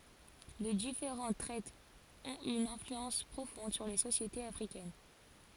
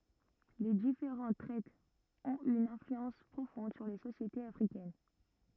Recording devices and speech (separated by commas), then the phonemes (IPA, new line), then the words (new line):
forehead accelerometer, rigid in-ear microphone, read sentence
le difeʁɑ̃t tʁɛtz ɔ̃t y yn ɛ̃flyɑ̃s pʁofɔ̃d syʁ le sosjetez afʁikɛn
Les différentes traites ont eu une influence profonde sur les sociétés africaines.